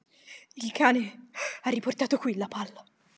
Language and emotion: Italian, fearful